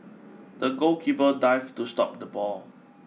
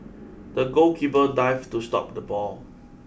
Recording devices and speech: mobile phone (iPhone 6), boundary microphone (BM630), read sentence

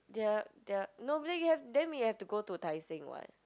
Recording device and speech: close-talking microphone, conversation in the same room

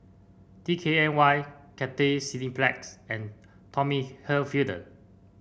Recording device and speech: boundary microphone (BM630), read sentence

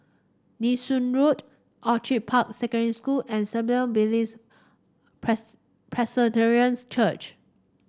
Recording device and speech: standing microphone (AKG C214), read sentence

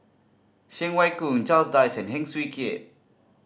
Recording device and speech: standing microphone (AKG C214), read sentence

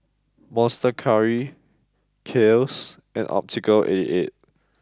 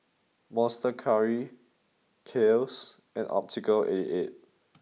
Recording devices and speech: close-talking microphone (WH20), mobile phone (iPhone 6), read sentence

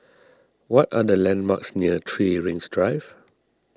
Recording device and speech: standing microphone (AKG C214), read sentence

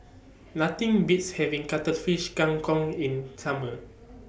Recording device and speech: boundary microphone (BM630), read sentence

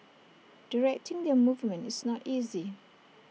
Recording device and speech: mobile phone (iPhone 6), read sentence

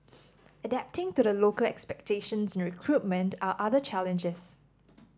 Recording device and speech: standing microphone (AKG C214), read sentence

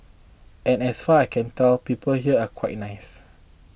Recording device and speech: boundary microphone (BM630), read sentence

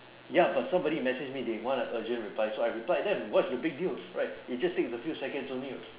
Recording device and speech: telephone, conversation in separate rooms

